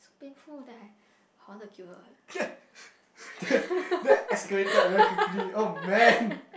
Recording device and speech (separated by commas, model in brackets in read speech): boundary microphone, conversation in the same room